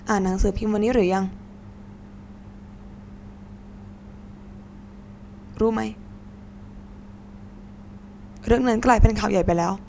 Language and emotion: Thai, frustrated